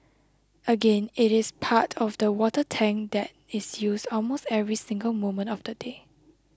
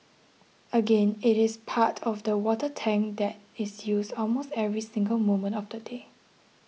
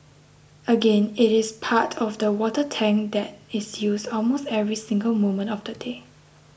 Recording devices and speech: close-talking microphone (WH20), mobile phone (iPhone 6), boundary microphone (BM630), read sentence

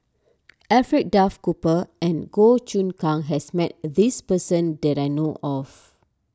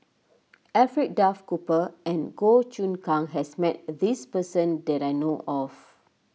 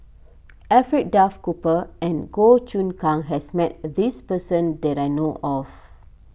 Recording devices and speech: standing microphone (AKG C214), mobile phone (iPhone 6), boundary microphone (BM630), read sentence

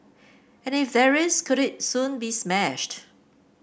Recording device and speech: boundary microphone (BM630), read sentence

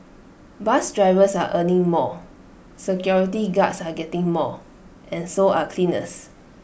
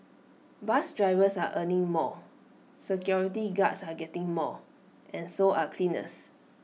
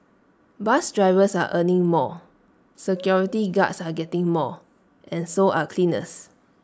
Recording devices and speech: boundary microphone (BM630), mobile phone (iPhone 6), standing microphone (AKG C214), read sentence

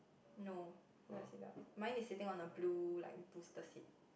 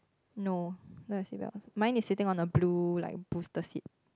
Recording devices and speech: boundary microphone, close-talking microphone, conversation in the same room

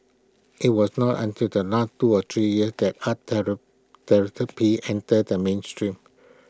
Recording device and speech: close-talking microphone (WH20), read sentence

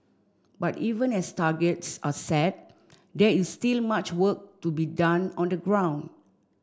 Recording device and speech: standing microphone (AKG C214), read sentence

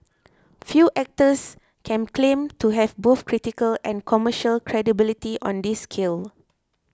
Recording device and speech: close-talking microphone (WH20), read sentence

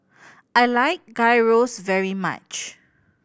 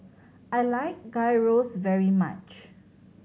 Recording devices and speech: boundary microphone (BM630), mobile phone (Samsung C7100), read sentence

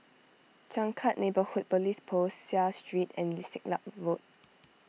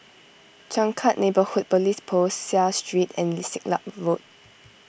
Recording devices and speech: mobile phone (iPhone 6), boundary microphone (BM630), read sentence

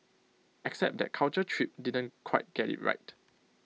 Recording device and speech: mobile phone (iPhone 6), read sentence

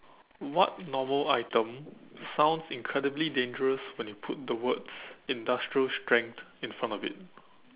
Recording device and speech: telephone, conversation in separate rooms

